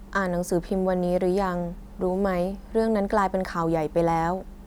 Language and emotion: Thai, neutral